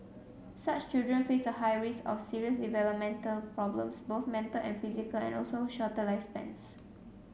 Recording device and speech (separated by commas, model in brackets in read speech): mobile phone (Samsung C7), read sentence